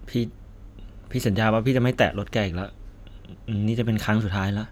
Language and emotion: Thai, sad